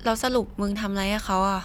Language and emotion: Thai, neutral